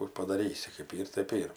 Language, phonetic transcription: Lithuanian, kų padaˈrysi kɜp ˈyr tɜp ˈyr

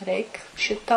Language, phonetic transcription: Lithuanian, ˈreik ˈšita lai

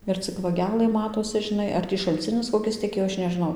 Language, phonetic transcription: Lithuanian, ir ˈcik vaˈgelɘ ˈmatosi žiˈnai ar ˈtį šalˈcinis koˈkis teˈkėjo ˈaš nežiˈnau

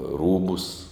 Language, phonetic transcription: Lithuanian, ˈrūbus

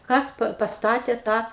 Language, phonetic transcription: Lithuanian, ˈkas pa pasˈtatė ˈtą

